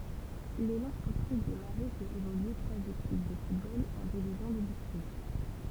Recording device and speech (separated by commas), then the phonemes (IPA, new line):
temple vibration pickup, read sentence
lelɑ̃ spɔʁtif de maʁɛ fɛt evolye tʁwaz ekip də futbol ɑ̃ divizjɔ̃ də distʁikt